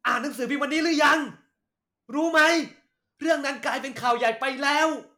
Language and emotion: Thai, angry